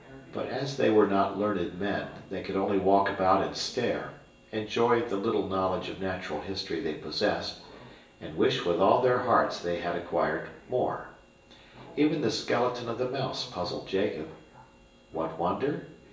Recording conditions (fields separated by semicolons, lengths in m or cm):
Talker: one person; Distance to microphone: 1.8 m; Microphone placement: close; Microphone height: 1.0 m; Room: large; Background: television